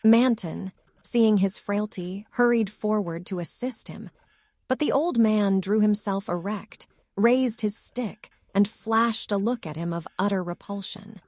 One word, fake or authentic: fake